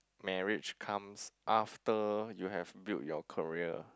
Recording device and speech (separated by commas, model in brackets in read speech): close-talking microphone, conversation in the same room